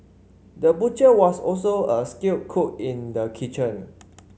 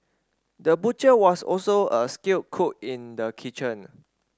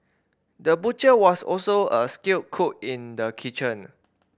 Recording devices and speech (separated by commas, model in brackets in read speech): mobile phone (Samsung C5), standing microphone (AKG C214), boundary microphone (BM630), read sentence